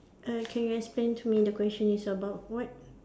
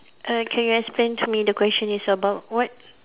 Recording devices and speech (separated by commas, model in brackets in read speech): standing microphone, telephone, conversation in separate rooms